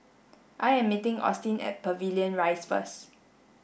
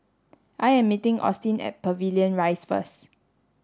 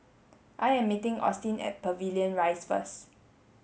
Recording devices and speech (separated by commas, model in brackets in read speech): boundary microphone (BM630), standing microphone (AKG C214), mobile phone (Samsung S8), read sentence